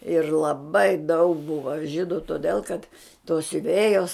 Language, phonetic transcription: Lithuanian, ir laˈbai daug ˈbuva ˈžydu toˈdel kad tos siuˈvėjos

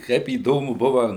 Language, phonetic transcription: Lithuanian, ˈkaip įˈdomu ˈbuva

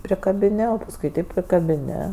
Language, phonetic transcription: Lithuanian, prikabiˈni o pasˈkui taip prikabiˈni

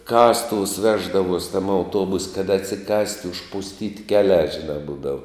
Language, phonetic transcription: Lithuanian, ˈkastuvus ˈveždavuos' tam auˈtuobus' kad atsiˈkast' užpusˈtyt' ˈkeˌliā ˈžiˌnā ˈbūdavu

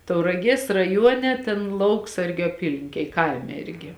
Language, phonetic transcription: Lithuanian, tauraˈgies raˈjuone ˈtėn ˈlauksargiu aˈpylinkėj ˈkaime ˈirgi

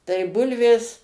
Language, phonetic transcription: Lithuanian, tai ˈbulvės

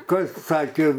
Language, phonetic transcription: Lithuanian, ˈkas ˈsakė

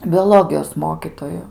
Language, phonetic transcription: Lithuanian, bioˈlogijos ˈmokytoju

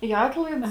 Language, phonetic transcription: Lithuanian, į ˈatlaids

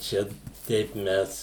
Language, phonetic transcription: Lithuanian, ˈčia ˈteip ˈmes

